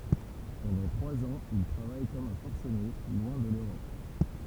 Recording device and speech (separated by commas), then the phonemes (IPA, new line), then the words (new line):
temple vibration pickup, read sentence
pɑ̃dɑ̃ tʁwaz ɑ̃z il tʁavaj kɔm œ̃ fɔʁsəne lwɛ̃ də løʁɔp
Pendant trois ans, il travaille comme un forcené, loin de l’Europe.